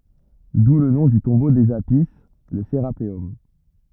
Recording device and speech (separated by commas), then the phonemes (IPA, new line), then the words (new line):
rigid in-ear microphone, read sentence
du lə nɔ̃ dy tɔ̃bo dez api lə seʁapeɔm
D'où le nom du tombeau des Apis, le Sérapéum.